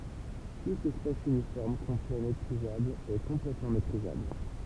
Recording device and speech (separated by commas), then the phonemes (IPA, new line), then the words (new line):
temple vibration pickup, read sentence
tut ɛspas ynifɔʁm kɔ̃plɛ metʁizabl ɛ kɔ̃plɛtmɑ̃ metʁizabl
Tout espace uniforme complet métrisable est complètement métrisable.